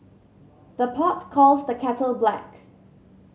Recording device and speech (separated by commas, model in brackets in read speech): mobile phone (Samsung C7100), read sentence